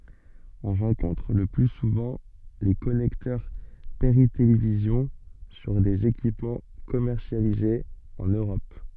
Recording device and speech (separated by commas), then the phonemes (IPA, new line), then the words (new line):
soft in-ear microphone, read sentence
ɔ̃ ʁɑ̃kɔ̃tʁ lə ply suvɑ̃ le kɔnɛktœʁ peʁitelevizjɔ̃ syʁ dez ekipmɑ̃ kɔmɛʁsjalizez ɑ̃n øʁɔp
On rencontre le plus souvent les connecteurs Péritélévision sur des équipements commercialisés en Europe.